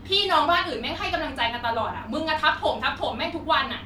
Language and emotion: Thai, angry